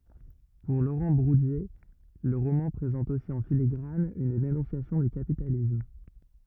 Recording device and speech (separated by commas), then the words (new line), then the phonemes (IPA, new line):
rigid in-ear microphone, read sentence
Pour Laurent Bourdier, le roman présente aussi en filigrane une dénonciation du capitalisme.
puʁ loʁɑ̃ buʁdje lə ʁomɑ̃ pʁezɑ̃t osi ɑ̃ filiɡʁan yn denɔ̃sjasjɔ̃ dy kapitalism